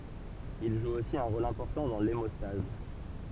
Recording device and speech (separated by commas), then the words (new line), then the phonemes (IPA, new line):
temple vibration pickup, read sentence
Il joue aussi un rôle important dans l'hémostase.
il ʒu osi œ̃ ʁol ɛ̃pɔʁtɑ̃ dɑ̃ lemɔstaz